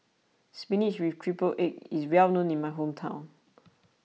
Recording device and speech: mobile phone (iPhone 6), read sentence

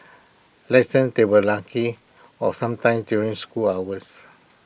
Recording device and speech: boundary microphone (BM630), read sentence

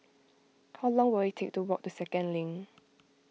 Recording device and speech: mobile phone (iPhone 6), read sentence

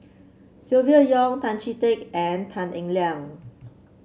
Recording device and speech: mobile phone (Samsung C7), read sentence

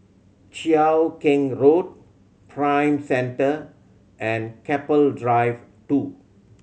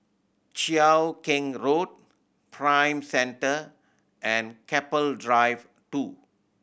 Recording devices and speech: mobile phone (Samsung C7100), boundary microphone (BM630), read sentence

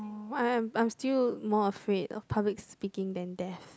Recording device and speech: close-talking microphone, conversation in the same room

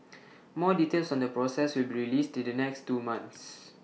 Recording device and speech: mobile phone (iPhone 6), read sentence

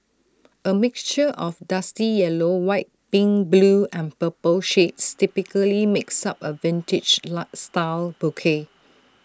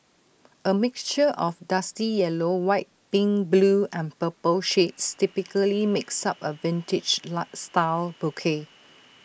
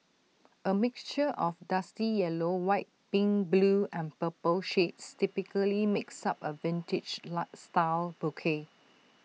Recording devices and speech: standing microphone (AKG C214), boundary microphone (BM630), mobile phone (iPhone 6), read sentence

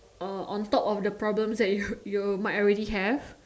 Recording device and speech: standing microphone, conversation in separate rooms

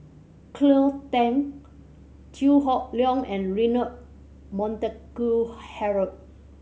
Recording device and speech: mobile phone (Samsung C7100), read sentence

